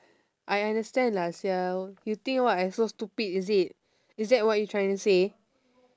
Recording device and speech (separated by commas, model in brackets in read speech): standing microphone, conversation in separate rooms